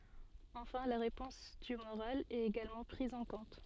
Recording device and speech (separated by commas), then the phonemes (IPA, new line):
soft in-ear microphone, read sentence
ɑ̃fɛ̃ la ʁepɔ̃s tymoʁal ɛt eɡalmɑ̃ pʁiz ɑ̃ kɔ̃t